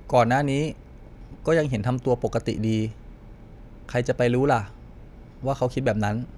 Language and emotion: Thai, neutral